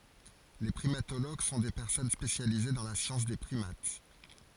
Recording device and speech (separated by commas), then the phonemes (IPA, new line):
forehead accelerometer, read sentence
le pʁimatoloɡ sɔ̃ de pɛʁsɔn spesjalize dɑ̃ la sjɑ̃s de pʁimat